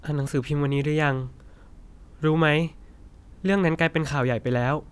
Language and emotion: Thai, neutral